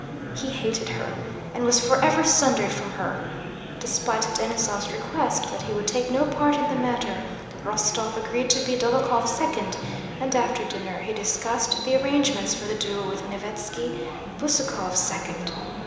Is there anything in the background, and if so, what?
Crowd babble.